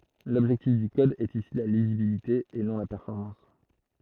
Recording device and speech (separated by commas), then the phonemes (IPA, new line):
throat microphone, read sentence
lɔbʒɛktif dy kɔd ɛt isi la lizibilite e nɔ̃ la pɛʁfɔʁmɑ̃s